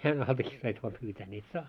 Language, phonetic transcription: Finnish, 'jään altakii sais vaa pyytää ni et "saa .
- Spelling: jään altakin saisi vain pyytää niin että saa

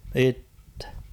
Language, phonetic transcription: Finnish, 'ittᴇ .
- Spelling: itse

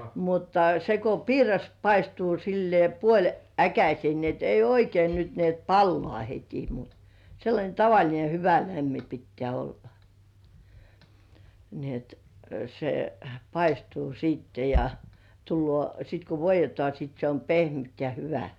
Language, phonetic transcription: Finnish, mutta se ko "piiras paistuu sillĭè 'puoĺ"äkäsĭ§è ni et ei "oikein nyt ni ‿et 'pallŏ§à heti mut , seillańe 'tavaĺine "hyvä 'lämmi pittĕä̀ 'olla , ni et , se , "paistuu sìtte ja , tullŭò , sit ku "voij̆jetŏà sit se om "pehmyt ja 'hyvä .
- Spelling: mutta se kun piiras paistuu sillä lailla puoliäkäiseen niin että ei oikein nyt niin että palaa heti mutta sellainen tavallinen hyvä lämmin pitää olla niin että se paistuu sitten ja tulee sitten kun voidetaan sitten se on pehmyt ja hyvä

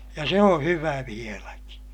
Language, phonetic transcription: Finnish, ja se oo̰ hyvä vieläki .
- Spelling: ja se on hyvä vieläkin

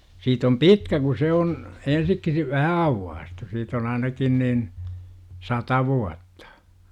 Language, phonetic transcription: Finnish, siit ‿om "pitkä ku 'se on , 'ensik - si - "vähä 'auwwaastu 'siit ‿on ainakin niin , "sata 'vuattA .
- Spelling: siitä on pitkä kun se on - - vähän aukaistu siitä on ainakin niin sata vuotta

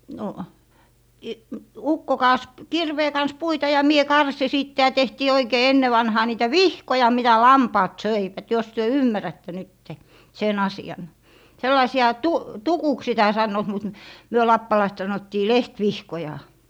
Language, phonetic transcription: Finnish, no , i- , 'ukko kaas , 'kirvee kans 'puita ja mie 'karsi 'sìtte ja 'tehtii 'oikee 'enne vanhaa niitä "vihkoja mitä "lampaat "söivät jos työ "ymmärätte 'nytte , sen 'asi₍an 'sellaisi₍a 'tu - "tukuks sitä 'sannoot mut , 'myö lappalaist 'sanottii "leht"vihkoja .
- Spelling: no - ukko kaatoi kirveen kanssa puita ja minä karsin sitten ja tehtiin oikein ennen vanhaan niitä vihkoja mitä lampaat söivät jos te ymmärrätte nyt sen asian sellaisia - tukuksi sitä sanovat mutta me lappalaiset sanottiin lehtivihkoja

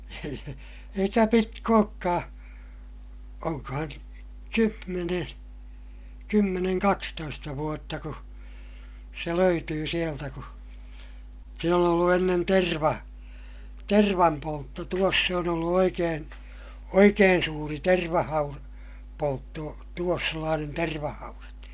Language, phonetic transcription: Finnish, eikä pitk ‿ookkaa , oŋkahan , kymmeneè , kymmeneŋ kakstoista vuotta ku , se löytyy sieltä ku , siin ‿on ollu ennen terva- , tervampoltto - tuos se on ‿ollu oikeen̬ , oikeen suuri tervahaur- , -poltto , tuos sellaanen tervahaurat .
- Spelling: eikä pitkä olekaan onkohan kymmenen kymmenen kaksitoista vuotta kun se löytyi sieltä kun siinä on ollut ennen - tervanpoltto tuossa se on ollut oikein oikein suuri - tervahaudanpoltto tuossa sellainen tervahaudat

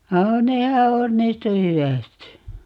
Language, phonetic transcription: Finnish, 'nehä 'onnistu "hy₍ä̀sti .
- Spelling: nehän onnistui hyvästi

